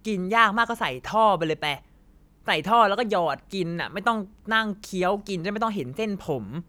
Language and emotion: Thai, frustrated